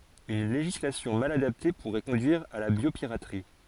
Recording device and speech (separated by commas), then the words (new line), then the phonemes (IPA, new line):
forehead accelerometer, read sentence
Une législation mal adaptée pourrait conduire à la biopiraterie.
yn leʒislasjɔ̃ mal adapte puʁɛ kɔ̃dyiʁ a la bjopiʁatʁi